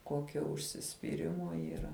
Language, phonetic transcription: Lithuanian, ˈkokio užsispyˈrimo yˈra

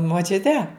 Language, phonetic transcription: Lithuanian, moˈčiute

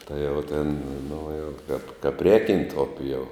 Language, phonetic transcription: Lithuanian, ˈtai jau tėn nu jau kap kap ˈrēkiant ˈupi jau

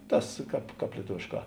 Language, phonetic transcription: Lithuanian, ˈtas ˈkāp ˈkāp lieˈtuvėšˌkā

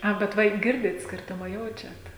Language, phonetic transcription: Lithuanian, ˈa bet ˈva i ˈgirdit ˈskirtuma ˈjaučiat

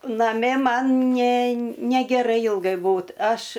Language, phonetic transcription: Lithuanian, naˈmi ˈman ne negeˈrai ˈilgai ˈbūt ˈaš

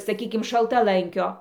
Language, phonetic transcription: Lithuanian, saˈkykim šaltaˈlankio

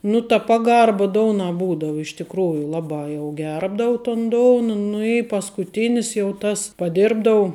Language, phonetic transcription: Lithuanian, nu ta ˈpaˌgarba ˈdounā ˈbūdau iš tikˈrųju ˈlaˌbā jau ˈgerbdau ton ˈdouna nu i paskuˈtinis jau ˈtas paˈdirbdau

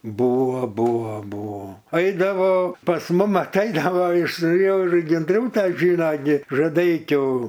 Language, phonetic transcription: Lithuanian, ˈbuvo ˈbuvo ˈbuvo ˈaidavo pas ˈmum atˈaidavo iš ir genˈdrūta ˈžyno gi žaˈdeikių

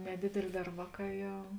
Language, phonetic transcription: Lithuanian, neˈdėdėlė ˈdar ˈvāˌkā ˈjau

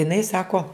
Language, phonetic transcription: Lithuanian, iˈnai ˈsako

